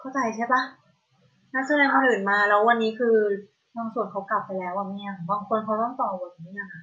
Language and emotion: Thai, frustrated